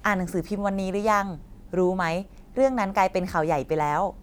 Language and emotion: Thai, neutral